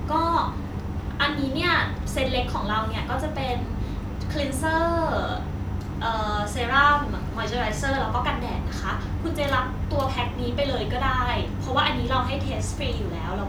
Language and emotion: Thai, neutral